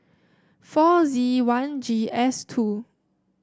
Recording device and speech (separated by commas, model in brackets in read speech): standing microphone (AKG C214), read sentence